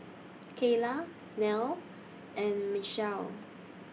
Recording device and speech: mobile phone (iPhone 6), read sentence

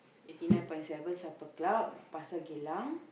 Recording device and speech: boundary microphone, conversation in the same room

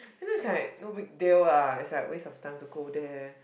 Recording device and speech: boundary microphone, conversation in the same room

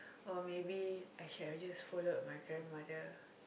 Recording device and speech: boundary microphone, conversation in the same room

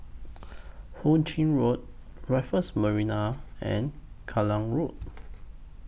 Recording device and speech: boundary microphone (BM630), read sentence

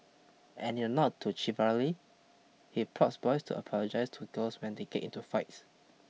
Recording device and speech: mobile phone (iPhone 6), read sentence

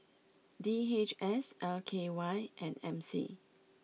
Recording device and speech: mobile phone (iPhone 6), read sentence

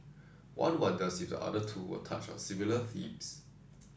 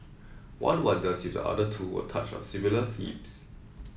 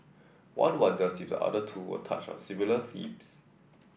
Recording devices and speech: standing microphone (AKG C214), mobile phone (iPhone 7), boundary microphone (BM630), read sentence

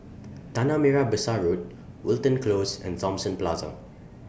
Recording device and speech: boundary microphone (BM630), read sentence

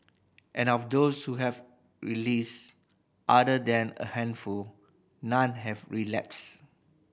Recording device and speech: boundary microphone (BM630), read sentence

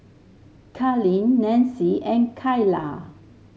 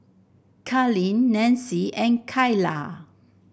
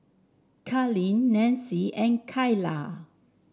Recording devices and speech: mobile phone (Samsung S8), boundary microphone (BM630), standing microphone (AKG C214), read sentence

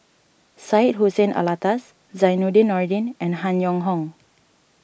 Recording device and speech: boundary microphone (BM630), read sentence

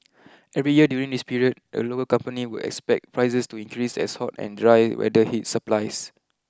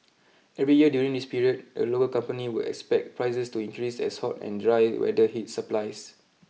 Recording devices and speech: close-talking microphone (WH20), mobile phone (iPhone 6), read sentence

